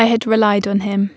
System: none